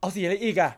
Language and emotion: Thai, frustrated